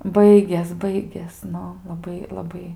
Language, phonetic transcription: Lithuanian, ˈbaigės ˈbaigės ˈnu laˈbai laˈbai

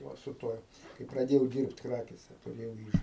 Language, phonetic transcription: Lithuanian, ˈva su ˈtuoj kai praˈdėjau ˈdyrbt ˈkrakėse tuˈrėjau ˈyža

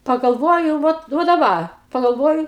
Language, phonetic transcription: Lithuanian, pagalˈvoju ˈvat va daˈba pagalˈvoju

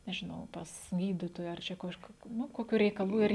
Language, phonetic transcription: Lithuanian, nežiˈnau ˈpas ˈgyditoja ar ˈčia ˈkažku ˈnu ˈkokiu reikaˈlų ir

